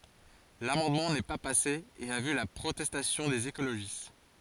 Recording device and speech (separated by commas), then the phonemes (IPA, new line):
forehead accelerometer, read sentence
lamɑ̃dmɑ̃ nɛ pa pase e a vy la pʁotɛstasjɔ̃ dez ekoloʒist